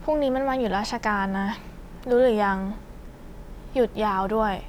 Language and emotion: Thai, frustrated